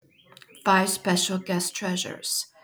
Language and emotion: English, neutral